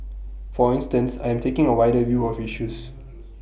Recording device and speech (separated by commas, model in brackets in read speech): boundary microphone (BM630), read sentence